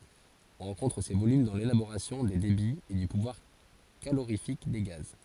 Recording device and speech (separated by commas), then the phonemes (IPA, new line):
forehead accelerometer, read sentence
ɔ̃ ʁɑ̃kɔ̃tʁ se volym dɑ̃ lelaboʁasjɔ̃ de debiz e dy puvwaʁ kaloʁifik de ɡaz